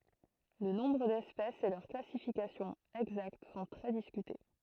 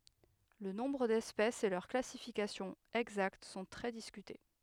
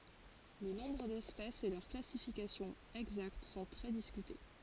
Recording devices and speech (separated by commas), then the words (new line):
throat microphone, headset microphone, forehead accelerometer, read sentence
Le nombre d'espèces et leur classification exacte sont très discutés.